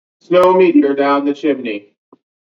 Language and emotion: English, neutral